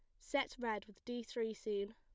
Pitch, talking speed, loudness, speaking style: 225 Hz, 205 wpm, -42 LUFS, plain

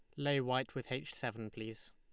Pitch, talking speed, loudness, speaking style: 130 Hz, 210 wpm, -39 LUFS, Lombard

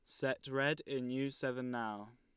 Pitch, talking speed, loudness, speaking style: 130 Hz, 185 wpm, -38 LUFS, Lombard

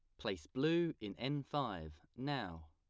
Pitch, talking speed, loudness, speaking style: 130 Hz, 145 wpm, -40 LUFS, plain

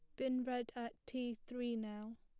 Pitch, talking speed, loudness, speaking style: 240 Hz, 180 wpm, -43 LUFS, plain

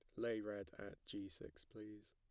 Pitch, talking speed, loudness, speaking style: 105 Hz, 190 wpm, -49 LUFS, plain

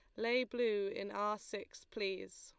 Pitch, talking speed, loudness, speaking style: 220 Hz, 165 wpm, -39 LUFS, Lombard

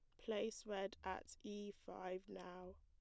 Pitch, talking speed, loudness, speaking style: 195 Hz, 140 wpm, -49 LUFS, plain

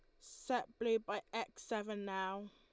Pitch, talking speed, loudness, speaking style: 225 Hz, 155 wpm, -41 LUFS, Lombard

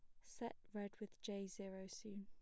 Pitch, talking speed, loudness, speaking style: 205 Hz, 180 wpm, -51 LUFS, plain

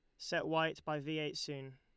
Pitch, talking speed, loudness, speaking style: 150 Hz, 230 wpm, -38 LUFS, Lombard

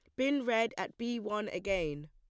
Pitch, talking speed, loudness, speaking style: 210 Hz, 190 wpm, -34 LUFS, plain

